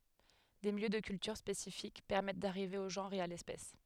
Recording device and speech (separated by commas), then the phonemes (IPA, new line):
headset microphone, read sentence
de miljø də kyltyʁ spesifik pɛʁmɛt daʁive o ʒɑ̃ʁ e a lɛspɛs